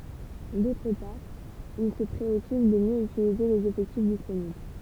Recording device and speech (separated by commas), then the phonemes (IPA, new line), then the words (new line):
temple vibration pickup, read sentence
dotʁ paʁ il sə pʁeɔkyp də mjø ytilize lez efɛktif disponibl
D'autre part il se préoccupe de mieux utiliser les effectifs disponibles.